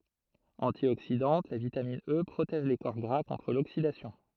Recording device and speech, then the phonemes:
throat microphone, read sentence
ɑ̃tjoksidɑ̃t la vitamin ə pʁotɛʒ le kɔʁ ɡʁa kɔ̃tʁ loksidasjɔ̃

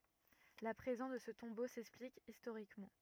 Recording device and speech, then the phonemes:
rigid in-ear microphone, read sentence
la pʁezɑ̃s də sə tɔ̃bo sɛksplik istoʁikmɑ̃

